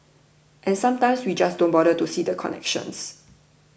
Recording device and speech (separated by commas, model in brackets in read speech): boundary microphone (BM630), read sentence